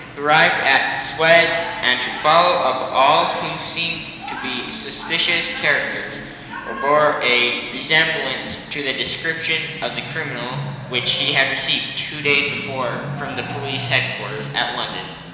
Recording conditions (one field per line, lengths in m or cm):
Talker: one person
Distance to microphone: 1.7 m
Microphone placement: close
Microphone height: 1.0 m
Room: very reverberant, large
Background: television